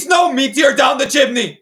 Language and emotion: English, disgusted